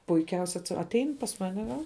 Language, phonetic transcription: Lithuanian, puiˈkiausia atˈein pas ˈmane va

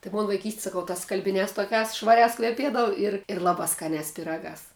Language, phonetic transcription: Lithuanian, tai ˈmon vaiˈkysti saˈkau tas skalbiˈniās toˈkiās švaˈriās kveˈpiedavu ir ir ˈlabā skaˈniās piˈragās

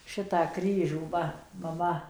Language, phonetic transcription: Lithuanian, ˈšitą ˈkryžių ˈva maˈma

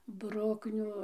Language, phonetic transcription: Lithuanian, ˈbrukniu

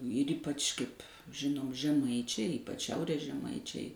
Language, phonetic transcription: Lithuanian, ir ˈypač kaip' ˈžinom žeˈmaičiai ˈypač ˈšiaurės žeˈmaičiai

